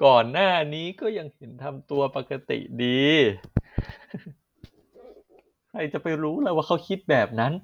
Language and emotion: Thai, happy